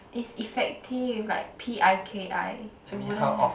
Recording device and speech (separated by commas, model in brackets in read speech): boundary microphone, conversation in the same room